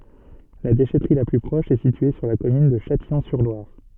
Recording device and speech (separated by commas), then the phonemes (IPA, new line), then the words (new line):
soft in-ear microphone, read sentence
la deʃɛtʁi la ply pʁɔʃ ɛ sitye syʁ la kɔmyn də ʃatijɔ̃syʁlwaʁ
La déchèterie la plus proche est située sur la commune de Châtillon-sur-Loire.